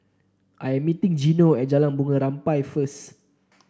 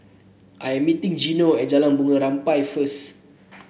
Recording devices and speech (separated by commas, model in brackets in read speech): standing microphone (AKG C214), boundary microphone (BM630), read sentence